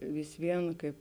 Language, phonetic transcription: Lithuanian, vis ˈvien ˈkaip

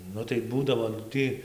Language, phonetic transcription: Lithuanian, ˈnu tai ˈbūdavo nu ˈtɨ

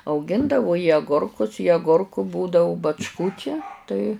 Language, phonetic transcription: Lithuanian, auˈgindavu i aˈgurkus i agurkų būdau bačˈkų čia ˈtai

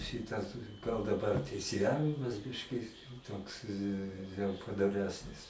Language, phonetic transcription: Lithuanian, ˈšitas gal daˈbar teisėˈjavimas ˈbiški ˈtoks jau padoˈresnis

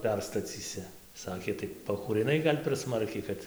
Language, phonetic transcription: Lithuanian, ˈperstacysi ˈsakė tai pakūriˈnai ˈgal' per ˈsmarkiai ˈkad

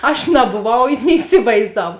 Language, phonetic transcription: Lithuanian, aš naboˈvau ni iˈsivaizdav

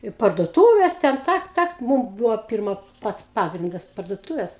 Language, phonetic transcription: Lithuanian, i parduoˈtūvės ˈten ˈtak ˈtak ˈmūm ˈbūvo ˈpirma ˈpats ˈpagrindas parduoˈtūves

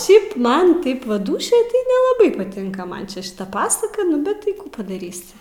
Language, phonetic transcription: Lithuanian, ˈšiaip ˈman ˈtaip va ˈdūšioj tai nelaˈbai paˈtinka ˈman čia šiˈta pasaka ˈnu bet ˈtai ˈkų padaˈrysi

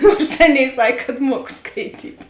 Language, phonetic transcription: Lithuanian, ˈnuors ˈaˌnėi ˈsak' kad ˈmuok skaiˈtyt'

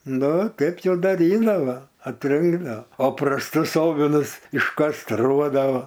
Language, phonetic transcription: Lithuanian, ˈnu ˈtaip jau daˈrydavo atˈrinkdao o prasˈtus ˈovinus iškasˈtruodavo

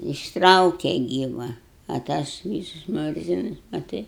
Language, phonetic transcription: Lithuanian, išˈtrauke ˈgyva a ˈtas ˈvysus ˈmurzinus maˈtai

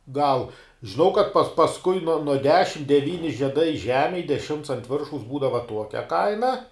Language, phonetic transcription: Lithuanian, ˈgal žiˈnau kad pas pasˈkui nuo nuo ˈdešim deˈvyni žieˈdai ˈžemėj deˈšimts ant ˈviršaus ˈbūdava ˈtuokia ˈkaina

